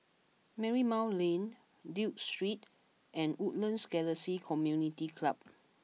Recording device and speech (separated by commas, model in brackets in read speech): mobile phone (iPhone 6), read sentence